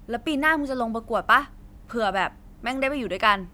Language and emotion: Thai, neutral